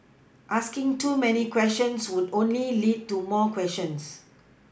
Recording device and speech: boundary microphone (BM630), read sentence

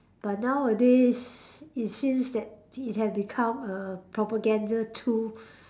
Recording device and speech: standing microphone, conversation in separate rooms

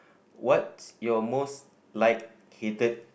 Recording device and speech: boundary microphone, conversation in the same room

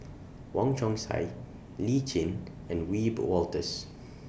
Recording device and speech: boundary microphone (BM630), read sentence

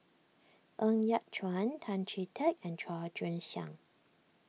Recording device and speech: mobile phone (iPhone 6), read sentence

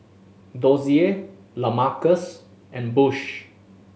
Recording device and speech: mobile phone (Samsung S8), read sentence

